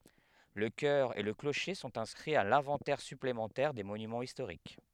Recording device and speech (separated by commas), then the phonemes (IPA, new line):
headset microphone, read sentence
lə kœʁ e lə kloʃe sɔ̃t ɛ̃skʁiz a lɛ̃vɑ̃tɛʁ syplemɑ̃tɛʁ de monymɑ̃z istoʁik